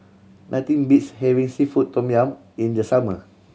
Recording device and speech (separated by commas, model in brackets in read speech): mobile phone (Samsung C7100), read sentence